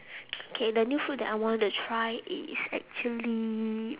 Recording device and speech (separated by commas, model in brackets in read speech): telephone, conversation in separate rooms